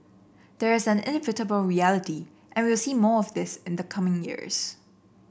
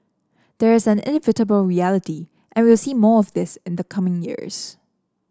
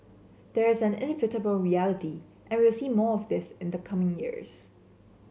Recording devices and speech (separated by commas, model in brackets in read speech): boundary microphone (BM630), standing microphone (AKG C214), mobile phone (Samsung C7), read sentence